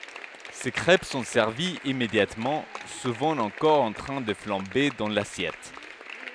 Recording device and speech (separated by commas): headset microphone, read sentence